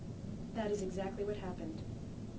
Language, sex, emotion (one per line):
English
female
neutral